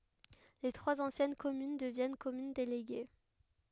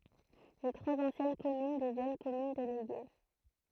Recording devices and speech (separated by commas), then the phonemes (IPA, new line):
headset microphone, throat microphone, read sentence
le tʁwaz ɑ̃sjɛn kɔmyn dəvjɛn kɔmyn deleɡe